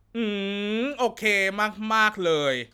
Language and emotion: Thai, happy